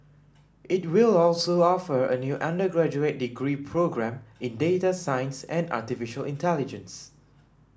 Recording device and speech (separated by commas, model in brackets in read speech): standing microphone (AKG C214), read sentence